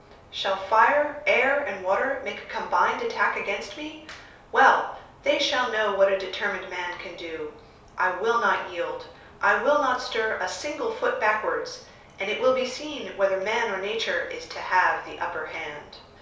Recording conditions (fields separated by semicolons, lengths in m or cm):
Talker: one person; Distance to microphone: 3.0 m; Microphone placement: far; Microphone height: 1.8 m; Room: small (3.7 m by 2.7 m); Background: none